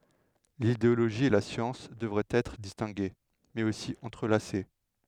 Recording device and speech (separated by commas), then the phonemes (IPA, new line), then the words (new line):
headset microphone, read sentence
lideoloʒi e la sjɑ̃s dəvʁɛt ɛtʁ distɛ̃ɡe mɛz osi ɑ̃tʁəlase
L'idéologie et la science devraient être distinguées, mais aussi entrelacées.